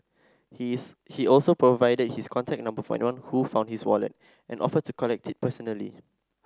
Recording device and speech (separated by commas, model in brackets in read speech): standing microphone (AKG C214), read sentence